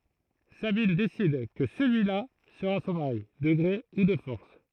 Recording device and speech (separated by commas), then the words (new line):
throat microphone, read sentence
Sabine décide que celui-là sera son mari, de gré ou de force…